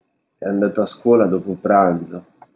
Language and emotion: Italian, sad